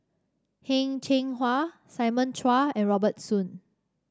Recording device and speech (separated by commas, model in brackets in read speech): standing microphone (AKG C214), read sentence